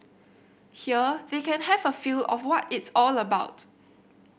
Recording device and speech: boundary microphone (BM630), read sentence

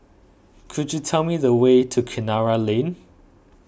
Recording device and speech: boundary microphone (BM630), read sentence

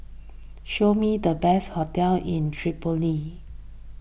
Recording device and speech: boundary microphone (BM630), read sentence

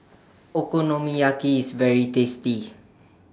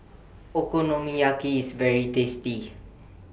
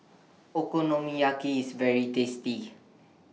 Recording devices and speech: standing microphone (AKG C214), boundary microphone (BM630), mobile phone (iPhone 6), read sentence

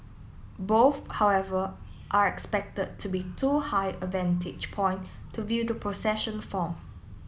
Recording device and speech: mobile phone (iPhone 7), read sentence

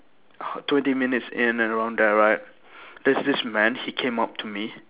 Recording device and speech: telephone, conversation in separate rooms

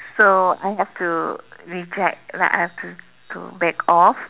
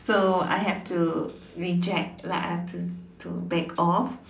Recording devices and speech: telephone, standing microphone, conversation in separate rooms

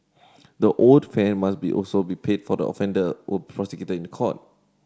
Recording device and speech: standing microphone (AKG C214), read sentence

